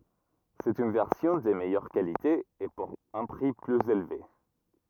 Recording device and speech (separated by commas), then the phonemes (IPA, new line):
rigid in-ear microphone, read sentence
sɛt yn vɛʁsjɔ̃ də mɛjœʁ kalite e puʁ œ̃ pʁi plyz elve